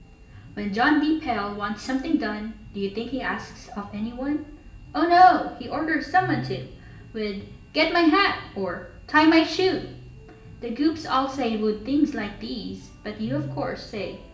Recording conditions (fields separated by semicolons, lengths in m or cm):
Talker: one person; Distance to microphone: 1.8 m; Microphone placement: close; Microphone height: 1.0 m; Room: large; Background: music